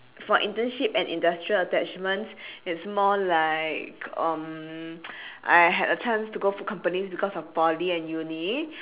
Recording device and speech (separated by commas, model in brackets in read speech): telephone, conversation in separate rooms